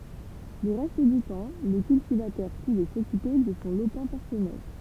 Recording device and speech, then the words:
temple vibration pickup, read sentence
Le reste du temps, le cultivateur pouvait s'occuper de son lopin personnel.

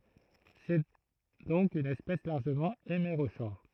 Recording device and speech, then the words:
throat microphone, read sentence
C'est donc une espèce largement hémérochore.

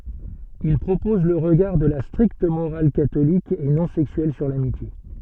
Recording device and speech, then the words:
soft in-ear microphone, read sentence
Il propose le regard de la stricte morale catholique et non sexuelle sur l'amitié.

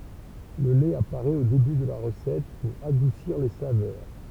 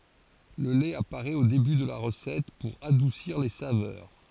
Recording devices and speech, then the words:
temple vibration pickup, forehead accelerometer, read sentence
Le lait apparaît au début de la recette pour adoucir les saveurs.

